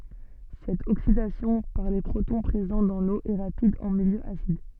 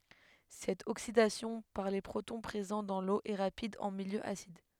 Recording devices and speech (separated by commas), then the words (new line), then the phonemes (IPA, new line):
soft in-ear microphone, headset microphone, read sentence
Cette oxydation par les protons présents dans l'eau est rapide en milieu acide.
sɛt oksidasjɔ̃ paʁ le pʁotɔ̃ pʁezɑ̃ dɑ̃ lo ɛ ʁapid ɑ̃ miljø asid